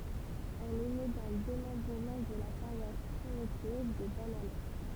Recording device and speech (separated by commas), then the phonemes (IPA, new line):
temple vibration pickup, read sentence
ɛl ɛ ne dœ̃ demɑ̃bʁəmɑ̃ də la paʁwas pʁimitiv də banalɛk